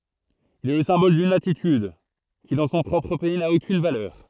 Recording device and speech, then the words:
throat microphone, read sentence
Il est le symbole d'une attitude, qui dans son propre pays n'a aucune valeur.

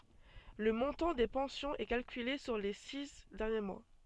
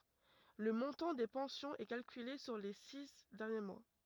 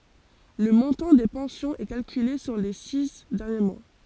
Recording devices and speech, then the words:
soft in-ear microphone, rigid in-ear microphone, forehead accelerometer, read sentence
Le montant des pensions est calculée sur les six derniers mois.

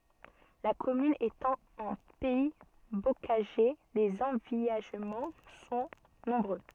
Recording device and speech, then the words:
soft in-ear microphone, read sentence
La commune étant en pays bocager, les envillagements sont nombreux.

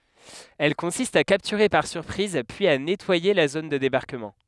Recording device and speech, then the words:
headset microphone, read sentence
Elle consiste à capturer par surprise puis à nettoyer la zone de débarquement.

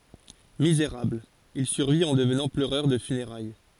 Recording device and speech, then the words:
forehead accelerometer, read sentence
Misérable, il survit en devenant pleureur de funérailles.

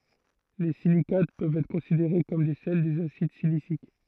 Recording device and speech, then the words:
throat microphone, read sentence
Les silicates peuvent être considérés comme des sels des acides siliciques.

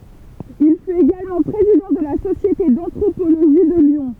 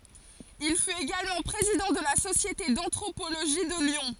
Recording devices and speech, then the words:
temple vibration pickup, forehead accelerometer, read sentence
Il fut également président de la Société d'anthropologie de Lyon.

